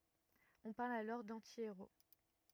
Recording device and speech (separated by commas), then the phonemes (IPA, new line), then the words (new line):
rigid in-ear microphone, read sentence
ɔ̃ paʁl alɔʁ dɑ̃tieʁo
On parle alors d'anti-héros.